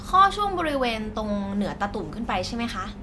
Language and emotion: Thai, neutral